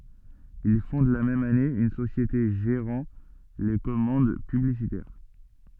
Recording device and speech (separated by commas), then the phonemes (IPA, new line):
soft in-ear microphone, read sentence
il fɔ̃d la mɛm ane yn sosjete ʒeʁɑ̃ le kɔmɑ̃d pyblisitɛʁ